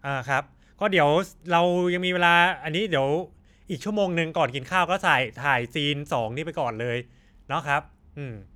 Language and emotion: Thai, neutral